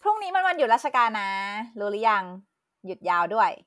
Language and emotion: Thai, happy